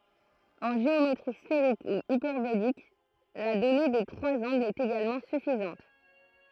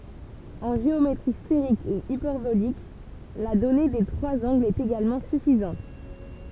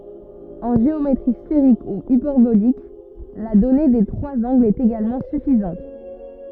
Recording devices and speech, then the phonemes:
throat microphone, temple vibration pickup, rigid in-ear microphone, read sentence
ɑ̃ ʒeometʁi sfeʁik u ipɛʁbolik la dɔne de tʁwaz ɑ̃ɡlz ɛt eɡalmɑ̃ syfizɑ̃t

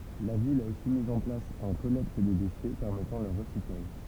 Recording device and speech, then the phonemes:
temple vibration pickup, read sentence
la vil a osi miz ɑ̃ plas œ̃ kɔlɛkt de deʃɛ pɛʁmɛtɑ̃ lœʁ ʁəsiklaʒ

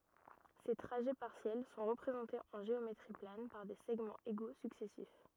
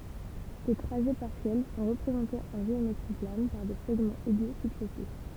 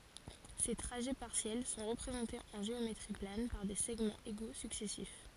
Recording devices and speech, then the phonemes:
rigid in-ear microphone, temple vibration pickup, forehead accelerometer, read sentence
se tʁaʒɛ paʁsjɛl sɔ̃ ʁəpʁezɑ̃tez ɑ̃ ʒeometʁi plan paʁ de sɛɡmɑ̃z eɡo syksɛsif

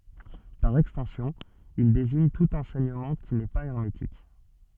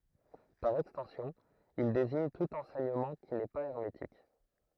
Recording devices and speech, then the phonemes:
soft in-ear microphone, throat microphone, read sentence
paʁ ɛkstɑ̃sjɔ̃ il deziɲ tut ɑ̃sɛɲəmɑ̃ ki nɛ pa ɛʁmetik

